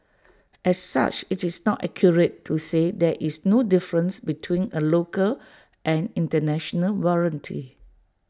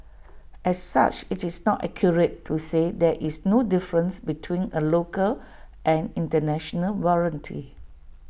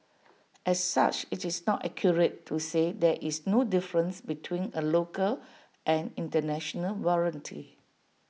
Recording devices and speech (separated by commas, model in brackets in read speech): standing microphone (AKG C214), boundary microphone (BM630), mobile phone (iPhone 6), read sentence